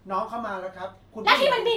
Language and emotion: Thai, neutral